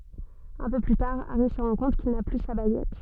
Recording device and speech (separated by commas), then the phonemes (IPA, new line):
soft in-ear microphone, read sentence
œ̃ pø ply taʁ aʁi sə ʁɑ̃ kɔ̃t kil na ply sa baɡɛt